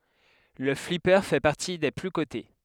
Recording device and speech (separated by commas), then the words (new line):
headset microphone, read sentence
Le flipper fait partie des plus cotés.